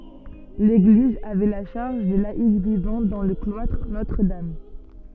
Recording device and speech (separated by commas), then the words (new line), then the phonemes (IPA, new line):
soft in-ear microphone, read sentence
L'église avait la charge des laïcs vivant dans le cloître Notre-Dame.
leɡliz avɛ la ʃaʁʒ de laik vivɑ̃ dɑ̃ lə klwatʁ notʁədam